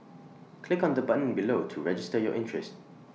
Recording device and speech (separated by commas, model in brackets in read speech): mobile phone (iPhone 6), read sentence